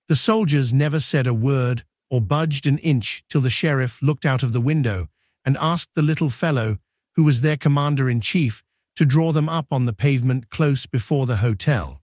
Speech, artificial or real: artificial